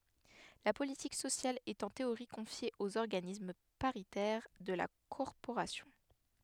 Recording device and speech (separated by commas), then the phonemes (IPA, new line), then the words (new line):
headset microphone, read sentence
la politik sosjal ɛt ɑ̃ teoʁi kɔ̃fje oz ɔʁɡanism paʁitɛʁ də la kɔʁpoʁasjɔ̃
La politique sociale est en théorie confiée aux organismes paritaires de la corporation.